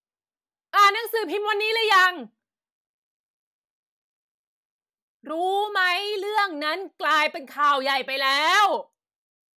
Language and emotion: Thai, angry